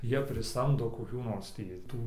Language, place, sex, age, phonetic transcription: Lithuanian, Dzūkija, male, 18-60, ˈjie priˈsamdo koˈkių nors ˈtį ˈtų

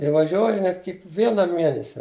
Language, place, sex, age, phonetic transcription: Lithuanian, Žemaitija, male, 60+, i vaˈžiuoj aˈnie kikˈviena ˈmienesia

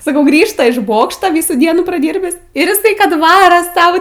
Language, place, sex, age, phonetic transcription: Lithuanian, Aukštaitija, female, 18-60, saˈkau ˈgrįžta iš ˈbokšta ˈvysų ˈdienų praˈdyrbis ir iˈsai ˈkad ˈvara ˈsau

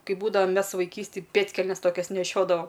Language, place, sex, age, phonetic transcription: Lithuanian, Aukštaitija, female, 18-60, ˈkai ˈbūdava ˈmes vaiˈkystėj ˈpėdkelnes ˈtokias neˈšiodava

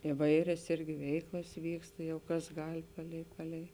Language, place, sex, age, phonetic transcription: Lithuanian, Žemaitija, female, 18-60, iˈvairias ˈirgi ˈveiklas ˈvyksta ˈjau ˈkas ˈgal' ˈpalei ˈpalei

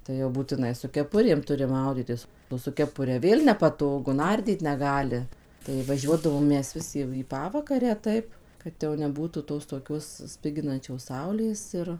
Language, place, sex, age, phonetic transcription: Lithuanian, Suvalkija, female, 18-60, tai jau būtiˈnai su keˈpurėm ˈturi ˈmaudytis su keˈpure ˈvėl nepaˈtogu ˈnardyt neˈgali tai vaˈžiuodavom ˈmes ˈvis jau į paˈvakarę ˈtaip ˈkad jau neˈbūtų ˌtos toˈkios ˈspiginančios ˈsaulės ir

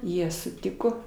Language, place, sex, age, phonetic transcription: Lithuanian, Aukštaitija, female, 60+, ˈjie suˈtiko

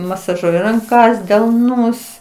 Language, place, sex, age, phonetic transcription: Lithuanian, Aukštaitija, female, 60+, masaˈžuoji ranˈkas delˈnus

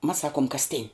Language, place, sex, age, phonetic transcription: Lithuanian, Žemaitija, female, 18-60, mas ˈsakuom kasˈtin'

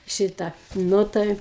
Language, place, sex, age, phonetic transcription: Lithuanian, Aukštaitija, female, 60+, ˈšitą ˈnu tai

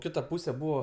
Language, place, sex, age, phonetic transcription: Lithuanian, Aukštaitija, male, 18-60, ˈkita ˈpūsė ˈbūvo

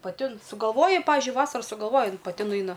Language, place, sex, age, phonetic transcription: Lithuanian, Aukštaitija, female, 18-60, paˈti ˈin sugalˈvoja ˈpavižiui ˈvasara sugalˈvoja ˈjin paˈti nuˈaina

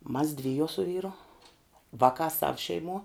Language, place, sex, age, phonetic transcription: Lithuanian, Žemaitija, female, 18-60, mas ˈdvijuo su ˈvyru ˈvakā sav šeiˈmuo

